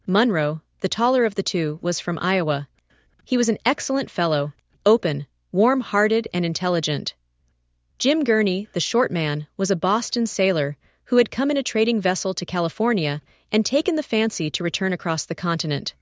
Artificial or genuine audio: artificial